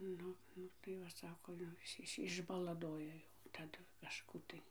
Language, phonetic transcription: Lithuanian, ˈnu ˈnu tai ˈva ˈsako jau ˈis ˈis išbalaˈdoja jau taˈdu kaˈžkų tai

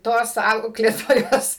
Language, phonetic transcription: Lithuanian, ˈtos ˈauklėtojos

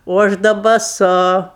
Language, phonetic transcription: Lithuanian, o ˈaš da baˈsu

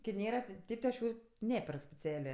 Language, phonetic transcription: Lithuanian, ki ˈnėra ti ˈtėp ti aš ˈjų ˈneperk speˈcelė

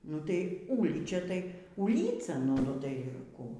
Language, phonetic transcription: Lithuanian, nu tai ˈūlyčia tai ūˈlyca ˈnu tai ˈkų

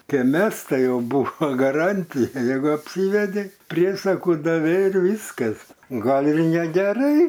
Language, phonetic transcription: Lithuanian, ˈke ˈmes ˈtai ˈjau ˈbūvo gaˈrantija ˈjeigu apˈsyvedei ˈpriesakų daˈvei ir ˈvyskas ˈgal ir negeˈrai

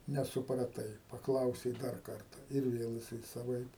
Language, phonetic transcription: Lithuanian, nesupraˈtai paˈklausei ˈdar ˈkarta ir ˈvėl jiˈsai saˈvaip

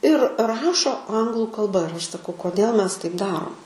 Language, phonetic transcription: Lithuanian, ir ˈrašo ˈanglu kalˈba ir ˈaš saˈkau koˈdėl ˈmes taip ˈdarom

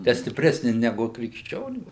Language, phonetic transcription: Lithuanian, te stipˈresni neˈgu krikšˈčionių

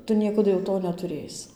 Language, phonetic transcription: Lithuanian, ˈtu ˈniekadu jau ˈto netuˈrėsi

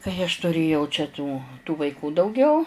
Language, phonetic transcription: Lithuanian, kai aš tuˈrėjau čia tų tų vaiˈkų dauˈgiau

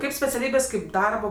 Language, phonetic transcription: Lithuanian, ˈkaip speciaˈlybės kaip ˈdarbo

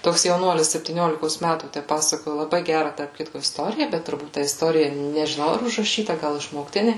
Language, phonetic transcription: Lithuanian, ˈtoks jauˈnuolis septyˈniolikos ˈmætų ˈtæ ˈpasakoju laˈbai ˈgæra tarp ˈkitko isˈtorija ˈbet turˈbūt ta isˈtorija nežiˈnau ar užraˈšyta ˈgal išmokˈtinė

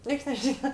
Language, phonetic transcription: Lithuanian, ˈnieks neˈžyna

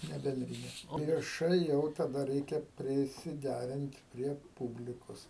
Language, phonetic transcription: Lithuanian, ˈne benˈdrine o vieˈšai jau taˈda ˈreikia prisiˈdærint prie ˈpūblikos

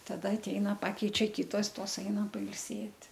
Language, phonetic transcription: Lithuanian, taˈda atˈeina ˈpakeičia ˈkitos ˈtos ˈeina pailˈsėt'

